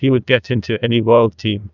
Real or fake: fake